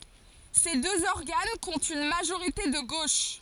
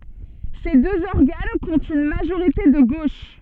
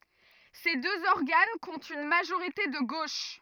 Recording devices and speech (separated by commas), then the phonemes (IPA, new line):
forehead accelerometer, soft in-ear microphone, rigid in-ear microphone, read sentence
se døz ɔʁɡan kɔ̃tt yn maʒoʁite də ɡoʃ